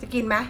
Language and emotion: Thai, frustrated